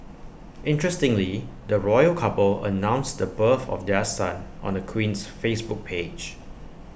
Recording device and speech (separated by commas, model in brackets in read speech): boundary microphone (BM630), read sentence